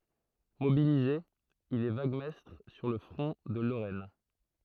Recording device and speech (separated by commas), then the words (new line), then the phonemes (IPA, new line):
throat microphone, read sentence
Mobilisé, il est vaguemestre sur le front de Lorraine.
mobilize il ɛ vaɡmɛstʁ syʁ lə fʁɔ̃ də loʁɛn